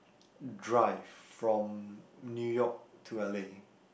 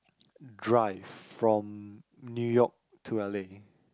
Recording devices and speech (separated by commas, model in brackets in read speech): boundary microphone, close-talking microphone, conversation in the same room